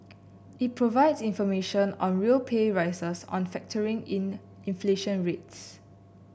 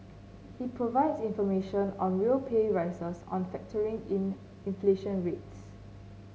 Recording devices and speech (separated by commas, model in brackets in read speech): boundary microphone (BM630), mobile phone (Samsung C9), read sentence